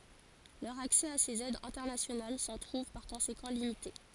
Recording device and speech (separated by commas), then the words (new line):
forehead accelerometer, read sentence
Leur accès à ces aides internationales s'en trouve par conséquent limité.